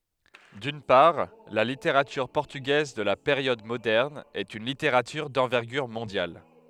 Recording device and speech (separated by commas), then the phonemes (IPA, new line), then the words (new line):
headset microphone, read sentence
dyn paʁ la liteʁatyʁ pɔʁtyɡɛz də la peʁjɔd modɛʁn ɛt yn liteʁatyʁ dɑ̃vɛʁɡyʁ mɔ̃djal
D'une part, la littérature portugaise de la période moderne est une littérature d'envergure mondiale.